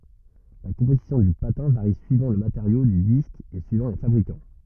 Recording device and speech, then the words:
rigid in-ear microphone, read sentence
La composition du patin varie suivant le matériau du disque et suivant les fabricants.

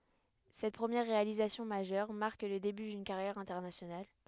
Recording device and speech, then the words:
headset microphone, read sentence
Cette première réalisation majeure, marque le début d'une carrière internationale.

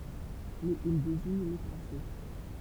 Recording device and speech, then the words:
temple vibration pickup, read sentence
Mais il désigne les Français.

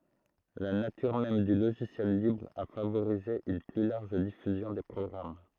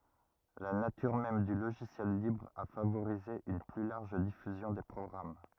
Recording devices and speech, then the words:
throat microphone, rigid in-ear microphone, read sentence
La nature même du logiciel libre a favorisé une plus large diffusion des programmes.

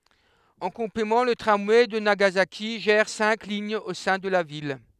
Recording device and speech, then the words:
headset microphone, read sentence
En complément, le tramway de Nagasaki gère cinq lignes au sein de la ville.

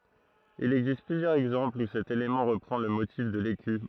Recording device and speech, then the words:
throat microphone, read sentence
Il existe plusieurs exemples où cet élément reprend le motif de l'écu.

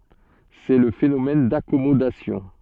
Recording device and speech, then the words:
soft in-ear microphone, read sentence
C'est le phénomène d'accommodation.

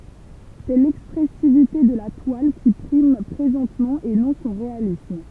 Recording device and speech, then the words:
temple vibration pickup, read sentence
C’est l’expressivité de la toile, qui prime présentement, et non son réalisme.

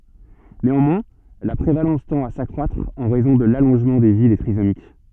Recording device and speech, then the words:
soft in-ear microphone, read sentence
Néanmoins, la prévalence tend à s’accroître, en raison de l'allongement de vie des trisomiques.

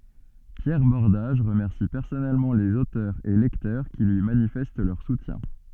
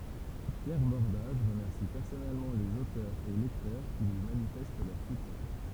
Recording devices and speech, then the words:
soft in-ear microphone, temple vibration pickup, read sentence
Pierre Bordage remercie personnellement les auteurs et lecteurs qui lui manifestent leur soutien.

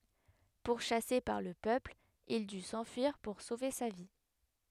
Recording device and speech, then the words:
headset microphone, read sentence
Pourchassé par le peuple, il dut s'enfuir pour sauver sa vie.

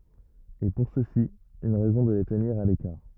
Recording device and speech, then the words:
rigid in-ear microphone, read sentence
Et pour ceux-ci, une raison de les tenir à l'écart.

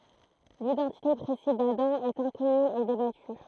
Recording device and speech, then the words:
throat microphone, read sentence
L'identité précise d'Adam est inconnue et débattue.

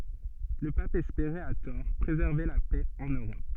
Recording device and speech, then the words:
soft in-ear microphone, read sentence
Le Pape espérait, à tort, préserver la paix en Europe.

